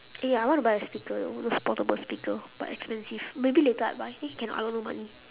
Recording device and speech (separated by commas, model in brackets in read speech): telephone, conversation in separate rooms